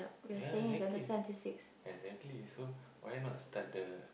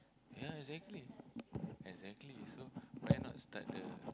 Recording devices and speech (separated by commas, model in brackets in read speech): boundary microphone, close-talking microphone, conversation in the same room